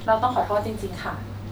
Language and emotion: Thai, neutral